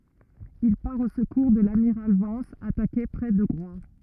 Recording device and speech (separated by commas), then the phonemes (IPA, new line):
rigid in-ear microphone, read sentence
il paʁ o səkuʁ də lamiʁal vɑ̃s atake pʁɛ də ɡʁwa